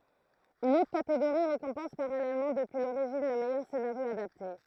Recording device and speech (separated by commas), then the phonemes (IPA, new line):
throat microphone, read sentence
yn otʁ kateɡoʁi ʁekɔ̃pɑ̃s paʁalɛlmɑ̃ dəpyi loʁiʒin lə mɛjœʁ senaʁjo adapte